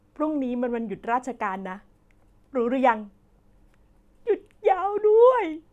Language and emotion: Thai, happy